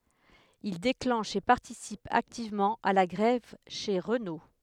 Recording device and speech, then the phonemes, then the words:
headset microphone, read sentence
il deklɑ̃ʃ e paʁtisip aktivmɑ̃ a la ɡʁɛv ʃe ʁəno
Il déclenche et participe activement à la grève chez Renault.

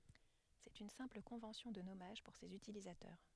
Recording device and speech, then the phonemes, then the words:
headset microphone, read sentence
sɛt yn sɛ̃pl kɔ̃vɑ̃sjɔ̃ də nɔmaʒ puʁ sez ytilizatœʁ
C'est une simple convention de nommage pour ses utilisateurs.

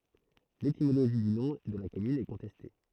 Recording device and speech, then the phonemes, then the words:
throat microphone, read sentence
letimoloʒi dy nɔ̃ də la kɔmyn ɛ kɔ̃tɛste
L'étymologie du nom de la commune est contestée.

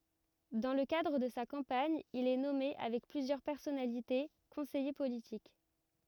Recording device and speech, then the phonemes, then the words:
rigid in-ear microphone, read sentence
dɑ̃ lə kadʁ də sa kɑ̃paɲ il ɛ nɔme avɛk plyzjœʁ pɛʁsɔnalite kɔ̃sɛje politik
Dans le cadre de sa campagne, il est nommé avec plusieurs personnalités conseiller politique.

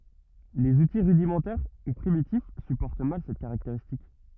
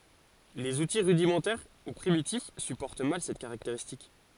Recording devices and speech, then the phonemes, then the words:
rigid in-ear microphone, forehead accelerometer, read sentence
lez uti ʁydimɑ̃tɛʁ u pʁimitif sypɔʁt mal sɛt kaʁakteʁistik
Les outils rudimentaires ou primitifs supportent mal cette caractéristique.

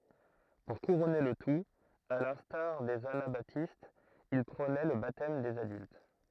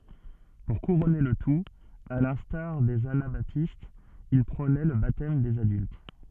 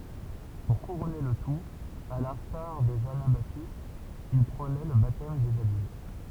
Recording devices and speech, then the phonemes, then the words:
throat microphone, soft in-ear microphone, temple vibration pickup, read sentence
puʁ kuʁɔne lə tut a lɛ̃staʁ dez anabatistz il pʁonɛ lə batɛm dez adylt
Pour couronner le tout, à l'instar des anabaptistes, il prônait le baptême des adultes.

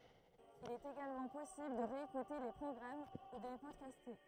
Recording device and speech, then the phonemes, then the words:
throat microphone, read sentence
il ɛt eɡalmɑ̃ pɔsibl də ʁeekute le pʁɔɡʁam u də le pɔdkaste
Il est également possible de réécouter les programmes ou de les podcaster.

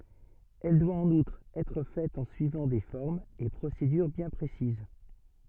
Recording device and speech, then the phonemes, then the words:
soft in-ear microphone, read sentence
ɛl dwa ɑ̃n utʁ ɛtʁ fɛt ɑ̃ syivɑ̃ de fɔʁmz e pʁosedyʁ bjɛ̃ pʁesiz
Elle doit, en outre, être faite en suivant des formes et procédures bien précises.

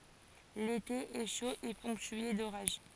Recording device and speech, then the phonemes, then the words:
forehead accelerometer, read sentence
lete ɛ ʃo e pɔ̃ktye doʁaʒ
L'été est chaud et ponctué d'orages.

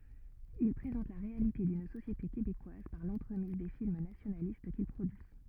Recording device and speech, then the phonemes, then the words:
rigid in-ear microphone, read sentence
il pʁezɑ̃t la ʁealite dyn sosjete kebekwaz paʁ lɑ̃tʁəmiz de film nasjonalist kil pʁodyi
Il présente la réalité d’une société québécoise par l’entremise des films nationalistes qu’il produit.

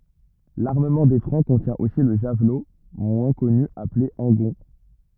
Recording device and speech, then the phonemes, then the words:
rigid in-ear microphone, read sentence
laʁməmɑ̃ de fʁɑ̃ kɔ̃tjɛ̃ osi lə ʒavlo mwɛ̃ kɔny aple ɑ̃ɡɔ̃
L'armement des Francs contient aussi le javelot moins connu appelé angon.

